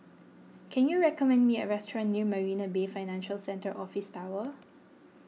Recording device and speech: mobile phone (iPhone 6), read sentence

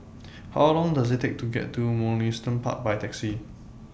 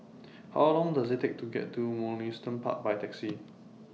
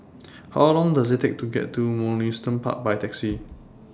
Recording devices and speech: boundary microphone (BM630), mobile phone (iPhone 6), standing microphone (AKG C214), read sentence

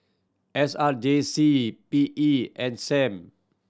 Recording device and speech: standing microphone (AKG C214), read sentence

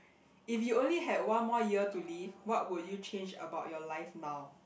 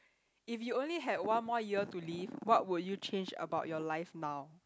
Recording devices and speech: boundary microphone, close-talking microphone, conversation in the same room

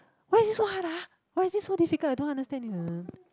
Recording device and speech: close-talking microphone, conversation in the same room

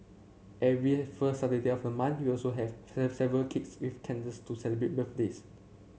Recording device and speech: mobile phone (Samsung C7), read sentence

